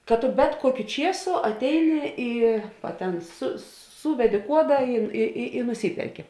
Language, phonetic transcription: Lithuanian, kad tu ˈbet kuoˌkiu ˈčiesu atˈeini ˈį va ˈten su ˈsūvedi ˈkuoda i i i nuˈsyperki

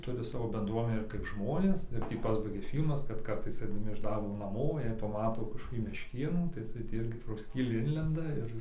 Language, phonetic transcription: Lithuanian, ˈturi ˈsavo benˈdruomenę ir kaip ˈžmonės ir ˈtį ˈpasbaigia ˈfyl'mas kad ˈkartais aidaˈmi iš ˈdarbo naˈmo ˈjie paˈmato kažkoˈkį mešˈkėnų tai iˈsai tį ˈirgi pro ˈskylį ˈinlenda ir

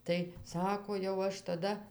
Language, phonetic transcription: Lithuanian, tai ˈsako jau ˈaš taˈda

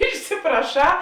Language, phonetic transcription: Lithuanian, išsipraˈšā

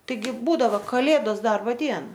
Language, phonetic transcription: Lithuanian, ˈtaigi ˈbūdavo kaˈlėdos ˈdarbo ˈdiena

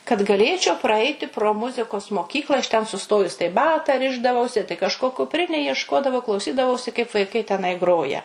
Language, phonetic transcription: Lithuanian, kad gaˈlėčiau praˈaiti pro ˈmuzikos moˈkykla aš ten suˈstojus tai ˈbata ˈrišdavausi tai kažˈko kupˈrinėj iešˈkodavau klauˈsydavausi kaip vaiˈkai teˈnai ˈgroja

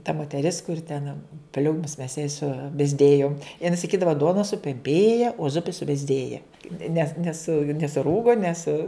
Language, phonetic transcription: Lithuanian, ta moteˈris kur ten ˈpliūmus mes jai subezˈdėjom jiˈnai saˈkydava ˈduona supemˈpėja o ˈzupi subezˈdėja nes ˈnesu nesuˈrūgo nes

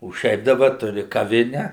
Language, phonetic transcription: Lithuanian, o ˈšiaip daˈba ˈturi kaˈvine

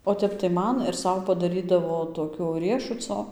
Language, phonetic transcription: Lithuanian, o ˈtep tai ˈman ir ˈsau padaˈrydavo toˈkio ˈriešuco

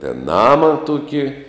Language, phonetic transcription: Lithuanian, ten ˈnama ˈtuki

